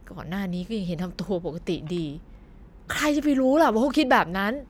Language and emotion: Thai, frustrated